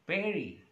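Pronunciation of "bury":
'Bury' is pronounced correctly here.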